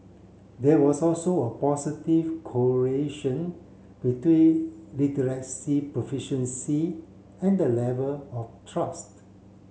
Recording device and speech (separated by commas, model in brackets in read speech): mobile phone (Samsung C7), read sentence